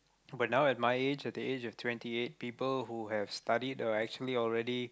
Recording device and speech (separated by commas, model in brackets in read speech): close-talking microphone, conversation in the same room